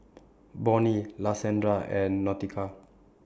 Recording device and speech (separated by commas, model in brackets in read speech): standing microphone (AKG C214), read sentence